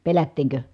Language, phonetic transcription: Finnish, pelättiiŋkö ?
- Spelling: pelättiinkö

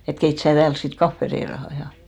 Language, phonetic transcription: Finnish, et » 'keit sää 'tääls sit "kaffe 'reiraha « ja .
- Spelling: että keitä sinä täällä sitten kahvi reilaan ja

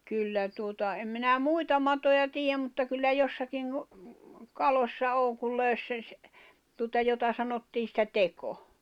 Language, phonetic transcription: Finnish, 'kyllä tuota , em minä "muita matoja 'tiijäm mutta kyllä 'jossakiŋ ku , 'kalośsa 'oŋ kul 'lö̀ys sen̬ ‿s- , tuota 'jota sanottii sⁱtä 'teko .
- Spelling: kyllä tuota en minä muita matoja tiedä mutta kyllä jossakin kun kaloissa on kun löysi sen - tuota jota sanottiin sitä teko

